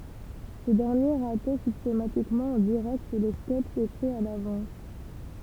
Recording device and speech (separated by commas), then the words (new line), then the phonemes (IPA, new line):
temple vibration pickup, read sentence
Ce dernier ratait systématiquement en direct les sketches écrits à l'avance.
sə dɛʁnje ʁatɛ sistematikmɑ̃ ɑ̃ diʁɛkt le skɛtʃz ekʁiz a lavɑ̃s